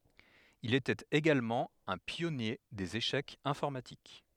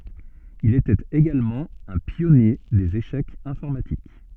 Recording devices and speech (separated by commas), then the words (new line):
headset microphone, soft in-ear microphone, read sentence
Il était également un pionnier des échecs informatiques.